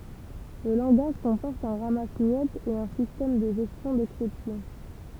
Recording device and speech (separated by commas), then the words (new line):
temple vibration pickup, read sentence
Le langage comporte un ramasse-miettes et un système de gestion d'exceptions.